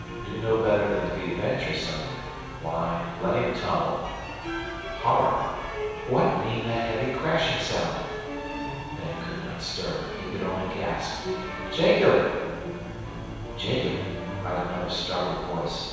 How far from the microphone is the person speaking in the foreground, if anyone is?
7.1 m.